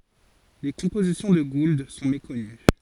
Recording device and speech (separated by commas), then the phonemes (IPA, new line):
forehead accelerometer, read sentence
le kɔ̃pozisjɔ̃ də ɡuld sɔ̃ mekɔny